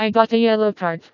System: TTS, vocoder